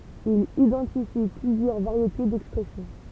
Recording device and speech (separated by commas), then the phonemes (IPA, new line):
temple vibration pickup, read sentence
il idɑ̃tifi plyzjœʁ vaʁjete dɛkspʁɛsjɔ̃